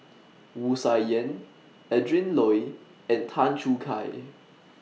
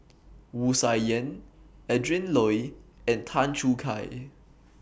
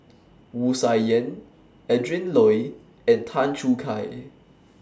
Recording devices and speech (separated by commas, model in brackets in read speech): mobile phone (iPhone 6), boundary microphone (BM630), standing microphone (AKG C214), read sentence